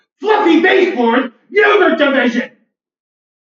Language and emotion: English, angry